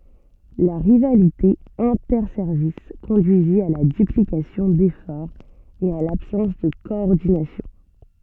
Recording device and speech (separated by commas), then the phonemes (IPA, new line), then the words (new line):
soft in-ear microphone, read sentence
la ʁivalite ɛ̃tɛʁsɛʁvis kɔ̃dyizi a la dyplikasjɔ̃ defɔʁz e a labsɑ̃s də kɔɔʁdinasjɔ̃
La rivalité interservices conduisit à la duplication d'efforts et à l'absence de coordination.